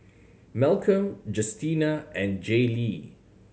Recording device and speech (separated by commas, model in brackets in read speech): mobile phone (Samsung C7100), read sentence